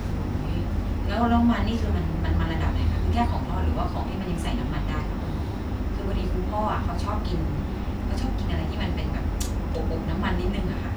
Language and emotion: Thai, neutral